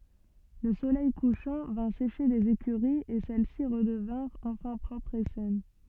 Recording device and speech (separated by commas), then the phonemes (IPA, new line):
soft in-ear microphone, read sentence
lə solɛj kuʃɑ̃ vɛ̃ seʃe lez ekyʁiz e sɛlɛsi ʁədəvɛ̃ʁt ɑ̃fɛ̃ pʁɔpʁz e sɛn